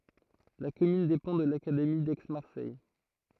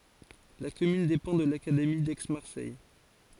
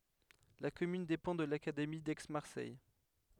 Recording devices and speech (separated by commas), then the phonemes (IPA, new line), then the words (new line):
throat microphone, forehead accelerometer, headset microphone, read sentence
la kɔmyn depɑ̃ də lakademi dɛksmaʁsɛj
La commune dépend de l'académie d'Aix-Marseille.